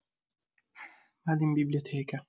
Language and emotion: Italian, sad